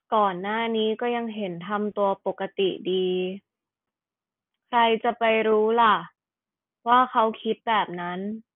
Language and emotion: Thai, neutral